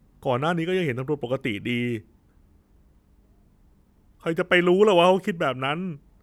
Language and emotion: Thai, frustrated